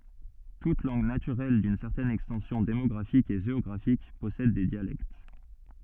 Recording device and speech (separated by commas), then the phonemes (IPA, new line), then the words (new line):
soft in-ear microphone, read sentence
tut lɑ̃ɡ natyʁɛl dyn sɛʁtɛn ɛkstɑ̃sjɔ̃ demɔɡʁafik e ʒeɔɡʁafik pɔsɛd de djalɛkt
Toute langue naturelle d'une certaine extension démographique et géographique possède des dialectes.